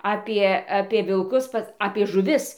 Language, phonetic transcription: Lithuanian, ˈapie apie vilˈkus ˈpas apie žuˈvis

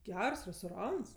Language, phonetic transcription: Lithuanian, ˈgers restoˈrans

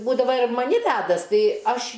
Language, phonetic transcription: Lithuanian, ˈbūdava ir maˈni ˈvædas ˈtai ˈaš

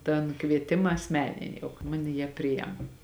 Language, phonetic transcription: Lithuanian, tan ˈkvietima asˈmenini ˈjau ka ˈmane jie ˈprijem

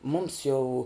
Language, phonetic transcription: Lithuanian, ˈmums jau

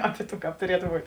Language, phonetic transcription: Lithuanian, ˈapi ˈtų ˈkāp tuˈrietu ˈbūt'

